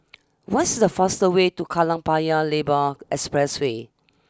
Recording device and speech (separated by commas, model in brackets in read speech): standing microphone (AKG C214), read sentence